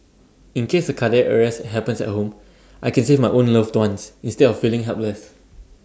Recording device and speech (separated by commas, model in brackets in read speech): standing microphone (AKG C214), read sentence